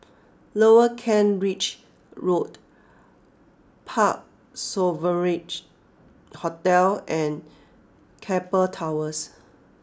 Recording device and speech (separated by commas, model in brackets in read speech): close-talking microphone (WH20), read sentence